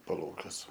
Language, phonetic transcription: Lithuanian, paˈlaukiuose

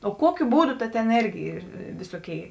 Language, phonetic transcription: Lithuanian, o ˈkuokiu ˈbūˌdu ˈta tėn ˈėrgi ˈyr ˈvisoˌkėi

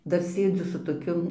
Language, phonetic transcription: Lithuanian, ˈdar ˈsėdziu su toˈkiu

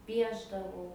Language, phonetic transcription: Lithuanian, ˈpiešdavau

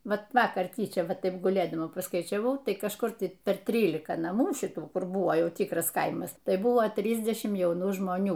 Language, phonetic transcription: Lithuanian, ˈvat ˈvakar ˈtyčia ˈvat ˈtaip guˈlėdama paskaičiaˈvau ˈtai kažˈkur ˈtai per ˈtrylika naˈmų ˈšitų ˈkur ˈbuvo ˈjau ˈtykras ˈkaimas ˈtai ˈbuvo ˈtrysdešim jauˈnų žmoˈnių

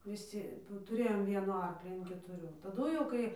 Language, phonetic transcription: Lithuanian, viˈsi tuˈrėjom ˈvienų ˈarklį an ketuˈrių taˈdu jau ˈkai

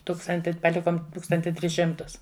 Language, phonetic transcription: Lithuanian, ˈtūkstanti paˈlikom ˈtūkstanti ˈtris ˈšimtus

